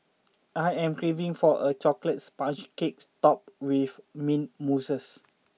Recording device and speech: mobile phone (iPhone 6), read sentence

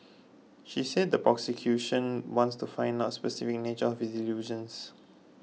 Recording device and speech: mobile phone (iPhone 6), read sentence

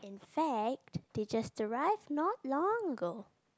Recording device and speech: close-talking microphone, conversation in the same room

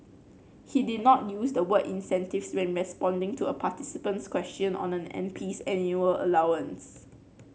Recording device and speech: mobile phone (Samsung C9), read sentence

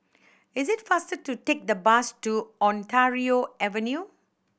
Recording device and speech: boundary microphone (BM630), read sentence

